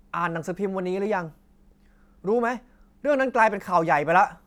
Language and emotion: Thai, angry